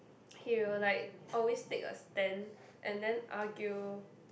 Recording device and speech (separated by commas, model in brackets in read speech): boundary microphone, conversation in the same room